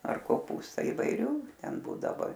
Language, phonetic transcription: Lithuanian, ar koˈpūsta ivaiˈrių ˈten ˈbūdavo

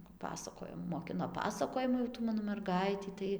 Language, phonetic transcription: Lithuanian, paˈpasakojo moˈkino ˈpasakojimu jau ˈtų ˈmano merˈgaitį ˈtai

